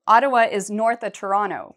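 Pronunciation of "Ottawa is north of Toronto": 'Ottawa is north of Toronto' is said slowly.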